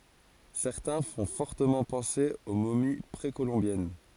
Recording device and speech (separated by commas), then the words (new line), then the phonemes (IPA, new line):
forehead accelerometer, read sentence
Certains font fortement penser aux momies précolombiennes.
sɛʁtɛ̃ fɔ̃ fɔʁtəmɑ̃ pɑ̃se o momi pʁekolɔ̃bjɛn